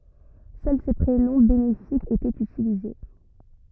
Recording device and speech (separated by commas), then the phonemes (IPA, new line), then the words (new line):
rigid in-ear microphone, read sentence
sœl se pʁenɔ̃ benefikz etɛt ytilize
Seuls ces prénoms bénéfiques étaient utilisés.